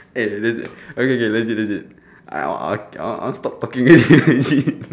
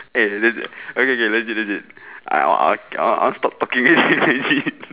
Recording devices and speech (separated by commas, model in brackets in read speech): standing microphone, telephone, conversation in separate rooms